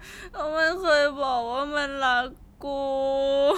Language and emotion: Thai, sad